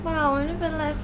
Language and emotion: Thai, frustrated